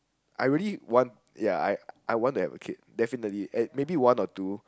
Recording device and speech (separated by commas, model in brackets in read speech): close-talking microphone, conversation in the same room